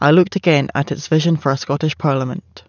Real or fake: real